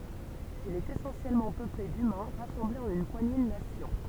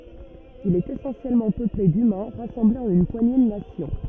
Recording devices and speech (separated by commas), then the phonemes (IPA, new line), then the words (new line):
temple vibration pickup, rigid in-ear microphone, read sentence
il ɛt esɑ̃sjɛlmɑ̃ pøple dymɛ̃ ʁasɑ̃blez ɑ̃n yn pwaɲe də nasjɔ̃
Il est essentiellement peuplé d'humains rassemblés en une poignée de nations.